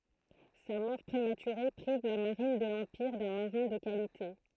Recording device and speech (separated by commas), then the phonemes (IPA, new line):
throat microphone, read sentence
sa mɔʁ pʁematyʁe pʁiv la maʁin də lɑ̃piʁ dœ̃ maʁɛ̃ də kalite